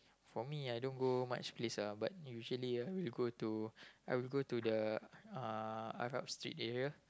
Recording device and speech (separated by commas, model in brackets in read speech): close-talking microphone, conversation in the same room